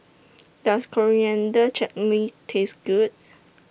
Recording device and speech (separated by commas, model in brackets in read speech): boundary microphone (BM630), read sentence